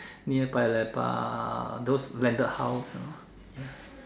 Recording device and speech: standing microphone, conversation in separate rooms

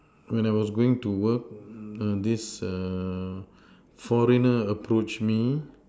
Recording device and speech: standing microphone, conversation in separate rooms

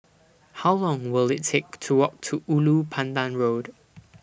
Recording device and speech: boundary microphone (BM630), read sentence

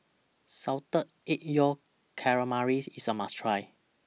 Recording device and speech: mobile phone (iPhone 6), read sentence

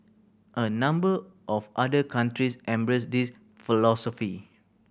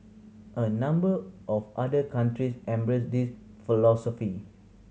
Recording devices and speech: boundary microphone (BM630), mobile phone (Samsung C7100), read sentence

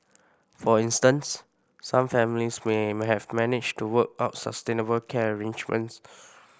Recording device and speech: boundary microphone (BM630), read sentence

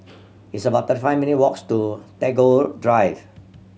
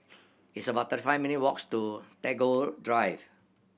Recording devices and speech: mobile phone (Samsung C7100), boundary microphone (BM630), read sentence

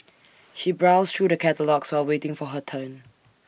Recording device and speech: boundary microphone (BM630), read sentence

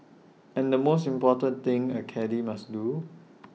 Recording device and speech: mobile phone (iPhone 6), read sentence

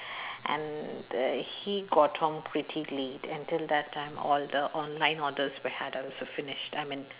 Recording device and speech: telephone, conversation in separate rooms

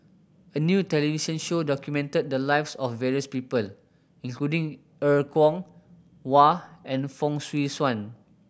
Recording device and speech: boundary microphone (BM630), read sentence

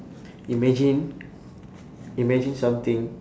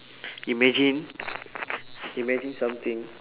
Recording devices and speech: standing microphone, telephone, conversation in separate rooms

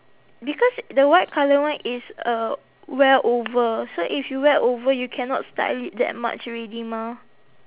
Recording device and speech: telephone, conversation in separate rooms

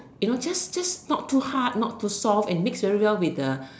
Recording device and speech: standing microphone, conversation in separate rooms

